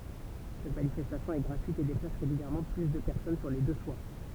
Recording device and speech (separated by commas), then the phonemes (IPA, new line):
temple vibration pickup, read sentence
sɛt manifɛstasjɔ̃ ɛ ɡʁatyit e deplas ʁeɡyljɛʁmɑ̃ ply də pɛʁsɔn syʁ le dø swaʁ